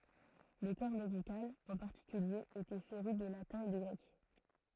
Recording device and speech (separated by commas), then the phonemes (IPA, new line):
throat microphone, read sentence
lə kɔʁ medikal ɑ̃ paʁtikylje etɛ feʁy də latɛ̃ e də ɡʁɛk